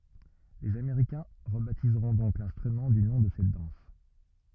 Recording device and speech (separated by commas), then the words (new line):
rigid in-ear microphone, read sentence
Les Américains rebaptiseront donc l'instrument du nom de cette danse.